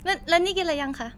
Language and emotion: Thai, neutral